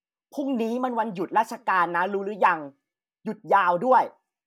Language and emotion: Thai, neutral